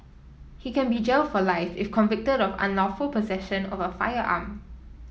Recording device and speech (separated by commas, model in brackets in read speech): mobile phone (iPhone 7), read sentence